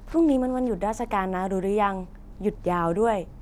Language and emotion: Thai, neutral